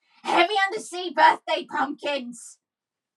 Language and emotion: English, angry